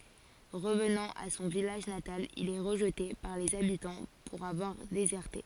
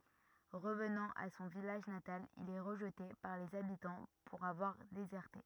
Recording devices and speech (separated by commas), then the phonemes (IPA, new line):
forehead accelerometer, rigid in-ear microphone, read sentence
ʁəvnɑ̃ a sɔ̃ vilaʒ natal il ɛ ʁəʒte paʁ lez abitɑ̃ puʁ avwaʁ dezɛʁte